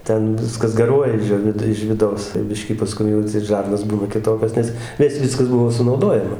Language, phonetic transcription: Lithuanian, ˈten ˈviskas gaˈruoja iž ˈjo vid iž viˈdaus tai ˈbiškį paˈskum atˈseit ˈžarnos ˈbūna kiˈtokios ˈnes nes ˈviskas ˈbuvo sunauˈdojama

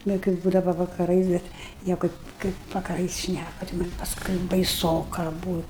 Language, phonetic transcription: Lithuanian, nu kai ˈbūdava vakaˈrais ˈbet ˈnieko ˈkaip vakaˈrais ˈšnæku ti ˈman' pasˈkui baiˈsoka ˈbūt'

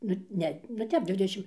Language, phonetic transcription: Lithuanian, ˈnu ˈne nu ˈtep ˈdvidešim

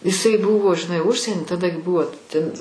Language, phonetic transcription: Lithuanian, iˈsai ˈbuvo žiˈnai ˈužsieni taˈda gi ˈbuvo ten

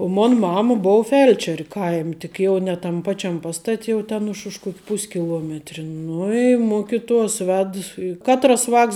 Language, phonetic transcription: Lithuanian, o ˈmon ˈmama ˈbou ˈfelčer' ˈkaim' tik ˈjau ne tam ˈpačiam ˈpastat' jau ˈten už už ˈkuok' ˈpuskiluometri ˈnu i ˈmukituos ˈved i ˈkatras ˈvāks

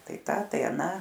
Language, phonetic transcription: Lithuanian, ˈtai ˈta tai aˈną

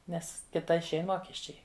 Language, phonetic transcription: Lithuanian, ˈnes ˈkita išˈein ˈmokesčiai

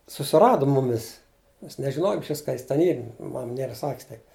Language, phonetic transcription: Lithuanian, susiˈrado ˈmumis mes nežiˈnojom išˈvis ka ˈjis ten ˈyr ˈmam ˈniera ˈsakis tai

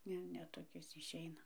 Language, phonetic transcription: Lithuanian, ˈne ˈne toˈkis išˈeina

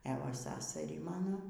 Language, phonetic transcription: Lithuanian, e ˈva ˈsasarį ˈmano

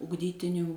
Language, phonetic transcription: Lithuanian, ugˈdytinių

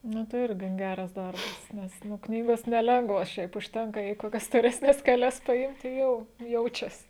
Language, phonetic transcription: Lithuanian, ˈnu tai ˈir gan ˈgeras ˈdarbas nes ˈnu ˈknygos neˈlengvos ˈšiaip užˈtenka jei koˈkias storesˈnes keˈlias paˈimti ˈjau ˈjaučias

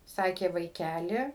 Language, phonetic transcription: Lithuanian, ˈsakė vaiˈkæli

